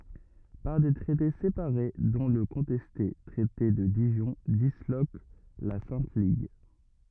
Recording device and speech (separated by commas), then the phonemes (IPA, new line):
rigid in-ear microphone, read sentence
paʁ de tʁɛte sepaʁe dɔ̃ lə kɔ̃tɛste tʁɛte də diʒɔ̃ dislok la sɛ̃t liɡ